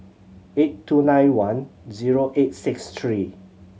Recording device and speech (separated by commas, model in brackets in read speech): mobile phone (Samsung C7100), read sentence